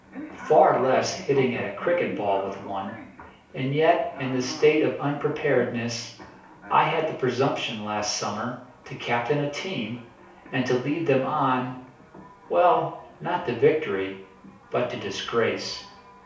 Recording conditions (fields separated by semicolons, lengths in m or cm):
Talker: one person; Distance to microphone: 3.0 m; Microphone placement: far; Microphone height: 1.8 m; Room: small (3.7 m by 2.7 m); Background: television